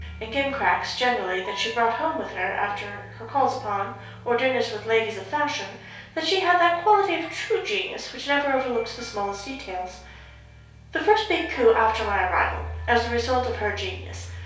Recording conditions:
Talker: one person; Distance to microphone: 3.0 m; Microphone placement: far; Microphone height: 1.8 m; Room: small (3.7 m by 2.7 m); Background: music

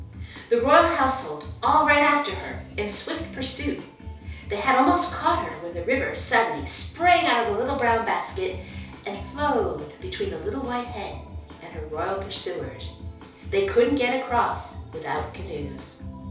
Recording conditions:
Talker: one person; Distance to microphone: 3.0 m; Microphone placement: far; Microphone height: 1.8 m; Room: small (3.7 m by 2.7 m); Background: music

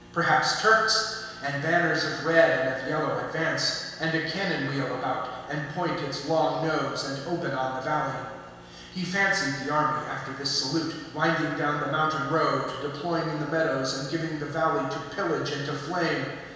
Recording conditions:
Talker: one person; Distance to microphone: 1.7 m; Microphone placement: close; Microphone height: 1.0 m; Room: very reverberant, large; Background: none

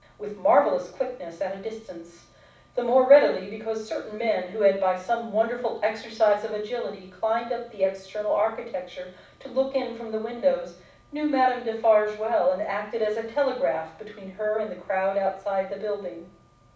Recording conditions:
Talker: one person; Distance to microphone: 5.8 m; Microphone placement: far; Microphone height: 1.8 m; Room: medium-sized (5.7 m by 4.0 m); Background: none

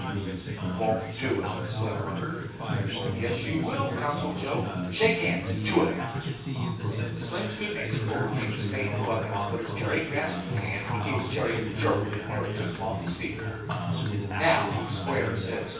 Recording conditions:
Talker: one person; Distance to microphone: 9.8 m; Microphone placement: far; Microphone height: 1.8 m; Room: large; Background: babble

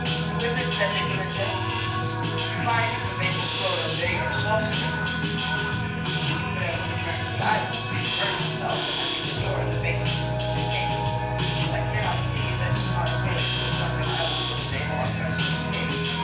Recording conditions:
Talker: one person; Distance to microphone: 9.8 m; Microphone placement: far; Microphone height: 1.8 m; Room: large; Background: music

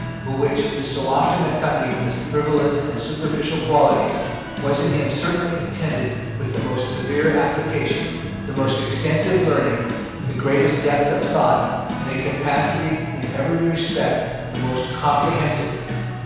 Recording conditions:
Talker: one person; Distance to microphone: 7.1 m; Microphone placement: far; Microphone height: 1.7 m; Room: very reverberant, large; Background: music

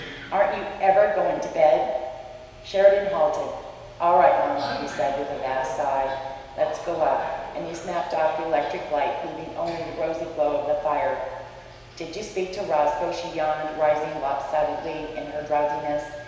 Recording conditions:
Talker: one person; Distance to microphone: 1.7 m; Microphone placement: close; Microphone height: 1.0 m; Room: very reverberant, large; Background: television

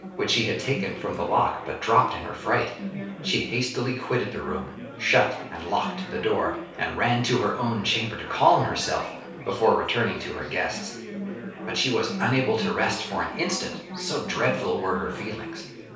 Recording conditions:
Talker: one person; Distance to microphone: 3.0 m; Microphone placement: far; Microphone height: 1.8 m; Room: small (3.7 m by 2.7 m); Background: babble

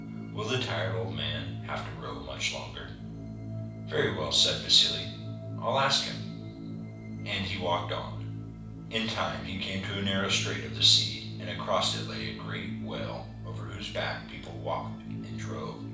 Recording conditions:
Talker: one person; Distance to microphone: 5.8 m; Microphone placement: far; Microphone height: 1.8 m; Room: medium-sized (5.7 m by 4.0 m); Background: music

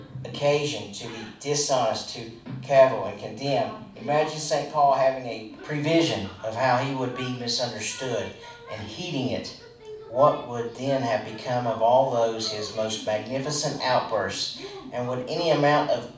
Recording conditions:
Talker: one person; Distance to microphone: 5.8 m; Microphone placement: far; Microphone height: 1.8 m; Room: medium-sized (5.7 m by 4.0 m); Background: television

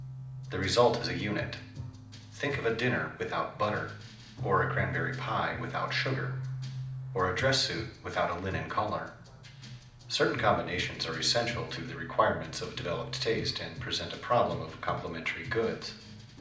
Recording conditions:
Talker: one person; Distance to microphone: 2.0 m; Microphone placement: close; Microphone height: 99 cm; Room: medium-sized (5.7 m by 4.0 m); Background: music

